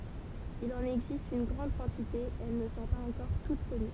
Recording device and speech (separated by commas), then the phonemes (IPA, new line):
temple vibration pickup, read sentence
il ɑ̃n ɛɡzist yn ɡʁɑ̃d kɑ̃tite e ɛl nə sɔ̃ paz ɑ̃kɔʁ tut kɔny